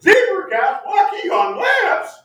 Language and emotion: English, surprised